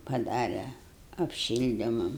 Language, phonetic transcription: Lithuanian, paˈdare apˈšildimam

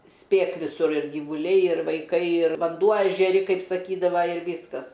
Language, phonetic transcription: Lithuanian, ˈspėk viˈsur ir gyvuˈliai ir vaiˈkai ir vanˈduo ežeˈri ˈkaip saˈkydava ir ˈvyskas

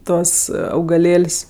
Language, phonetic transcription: Lithuanian, ˈtuos augaˈlėl's'

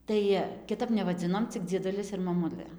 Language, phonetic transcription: Lithuanian, ˈtai kiˈtap nevaˈdzinom cik dzieˈdulis ir maˈmulɘ

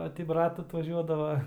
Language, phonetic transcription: Lithuanian, ˈo ti ˈbrat atvaˈžiuodava

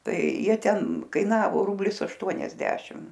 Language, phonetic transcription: Lithuanian, ˈtai ˈjie ˈten kaiˈnavo ˈrublis ašˈtuoniasdešim

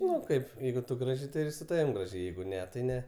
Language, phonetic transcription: Lithuanian, ˈnu ˈkaip ˈjeigu tu ˈgražiai tai ir su ˈtavim ˈgražiai ˈjeigu ˈne tai ˈne

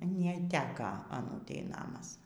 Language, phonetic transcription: Lithuanian, neˈteka aˈnūtei ˈnamas

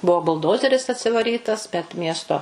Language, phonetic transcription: Lithuanian, ˈbuo bulˈdozeris atsivaˈrytas bet ˈmiesto

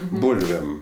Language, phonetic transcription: Lithuanian, ˈbūlvėm

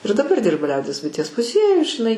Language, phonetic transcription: Lithuanian, ir daˈbar ˈdirba ˈliaudies buiˈties muˈziejuj žiˈnai

